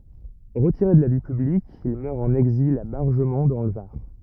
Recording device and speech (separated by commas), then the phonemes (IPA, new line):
rigid in-ear microphone, read sentence
ʁətiʁe də la vi pyblik il mœʁ ɑ̃n ɛɡzil a baʁʒəmɔ̃ dɑ̃ lə vaʁ